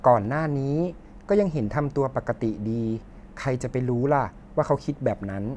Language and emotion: Thai, neutral